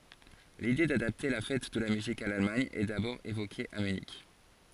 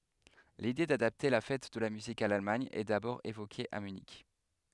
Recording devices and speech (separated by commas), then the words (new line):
forehead accelerometer, headset microphone, read sentence
L'idée d'adapter la Fête de la musique à l'Allemagne est d'abord évoquée à Munich.